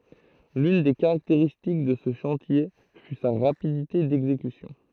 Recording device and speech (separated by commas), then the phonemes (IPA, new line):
throat microphone, read sentence
lyn de kaʁakteʁistik də sə ʃɑ̃tje fy sa ʁapidite dɛɡzekysjɔ̃